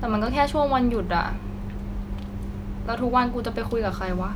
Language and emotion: Thai, frustrated